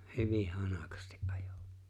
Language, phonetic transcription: Finnish, 'hyvih "hanakasti’ '’ᴀᴊᴏ .
- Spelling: hyvin hanakasti ajoi

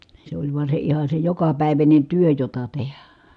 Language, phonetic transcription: Finnish, se oĺ vua se iha se jokapä̀iväńen̬ työ jota tehä .
- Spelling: se oli vaan se ihan se jokapäiväinen työ jota tehdä

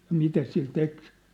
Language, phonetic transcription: Finnish, ja 'mitä sil 'tek .
- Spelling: ja mitä sillä teki

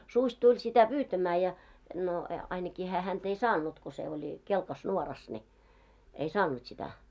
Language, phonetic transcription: Finnish, 'suś 'tuĺ sitä 'pyytämää ja , no e- ainaki hää 'hänt ‿ei "saan̆nut ko se oĺ , 'kelkas 'nuoras ni , ei "saan̆nut sitä .
- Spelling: susi tuli sitä pyytämään ja no - ainakin hän häntä ei saanut kun se oli kelkassa nuorassa niin ei saanut sitä

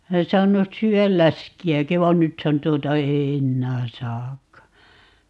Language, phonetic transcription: Finnish, ('olen) 'saan̆nus 'syy₍äl "läski₍äki va "nythän 'tuota ei "ennää 'saakka .
- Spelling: olen saanut syödä läskiäkin vaan nythän tuota ei enää saakaan

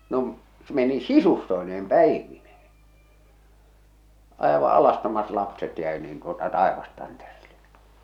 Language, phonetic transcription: Finnish, no ‿m- , meni "sisustoi̬neem "pä̀ivinᴇhᴇ , àeva’ 'alastomat lapset jä̀i niin tuota "tàevastanterillᴇ .
- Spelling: no - meni sisustoineen päivineen aivan alastomat lapset jäi niin tuota taivastantereelle

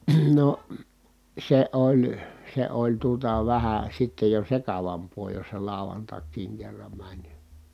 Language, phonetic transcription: Finnish, no , se oĺ , se oĺ tuota vähä sittej jo sekavamp̆poo jos se làu̬vantak̆kiiŋ kerram mäń .
- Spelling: no se oli se oli tuota vähän sitten jo sekavampaa jos se lauantaikin kerran meni

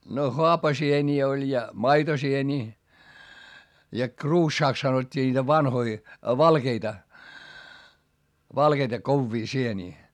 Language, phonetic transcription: Finnish, no hoapasieńii oĺ ja , maitosieńii , ja kruuššaaks sanot́t́ii ńiitä vanhoi , valkeita , valkeita kovvii sienii .
- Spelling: no haapasieniä oli ja maitosieniä ja kruussaksi sanottiin niitä vanhoja valkeita valkeita kovia sieniä

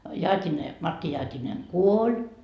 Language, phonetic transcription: Finnish, "Jaat́ine , 'Matti 'Jaat́ineŋ "kuoĺ .
- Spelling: Jaatinen Matti Jaatinen kuoli

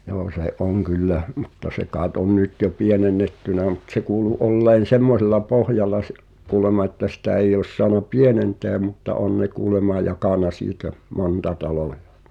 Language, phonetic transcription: Finnish, joo se "’oŋ 'kyllä , mutta 'se kaaet on "nyt jo 'pienen̆nettynä mᵘt se kuulu '’olleen̬ "semmosella 'pohjalla s(ᴇ)’ , kuulema että sitä 'eij ‿ois soana "pienentèᵃ̈ mutta "on ne 'kuulema 'jakàna siitä , "monta 'talòᴊᴀ .
- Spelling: joo se on kyllä mutta se kai on nyt jo pienennetty mutta se kuului olleen semmoisella pohjalla se kuulemma että sitä ei olisi saanut pienentää mutta on ne kuulemma jakanut siitä monta taloa

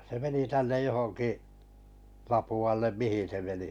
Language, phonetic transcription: Finnish, se meni 'tännej 'johoŋki’ , 'Lapu₍allem "mihin̬ se meni .
- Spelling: se meni tänne johonkin Lapualle mihin se meni

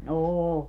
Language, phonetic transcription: Finnish, 'ooo .
- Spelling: on

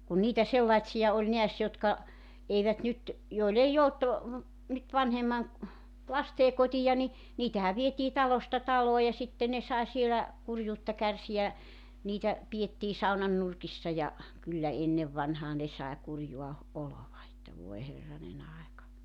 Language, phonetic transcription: Finnish, kun niitä 'sellaⁱtsi₍a oĺ 'neäs jotka , 'eivät nyt , 'joil ‿ei 'olt , nyt 'vanhemman̬ , 'lastee kotija ni , 'niitähäv vietii 'talosta 'taloo ja 'sitte ne sae 'sielä , 'kurjuutta 'kärsi₍ä , 'niitä , 'pi₍ettii 'saunan nurkissa ja , 'kyllä 'ennev vanhaa ne sae 'kurjua , 'olova että voe 'herranen ‿aeka .
- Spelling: kun niitä sellaisia oli näet jotka eivät nyt joilla ei ollut nyt vanhemman lasten kotia niin niitähän vietiin talosta taloon ja sitten ne sai siellä kurjuutta kärsiä niitä pidettiin saunan nurkissa ja kyllä ennen vanhaa ne sai kurjaa oloa että voi herranen aika

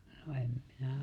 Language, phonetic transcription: Finnish, no 'em minä
- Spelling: no en minä

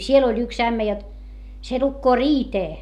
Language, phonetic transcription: Finnish, siel ‿oĺ yks ämmä jot , se lukkoo riitee .
- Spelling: siellä oli yksi ämmä jotta se lukee riiteä

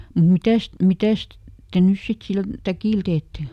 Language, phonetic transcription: Finnish, nim "mitäst , ˈmitäst , ˈte nys sit ˈsil , "täkìl teette ? »
- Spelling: niin mitäs mitäs te nyt sitten sillä täkillä teette

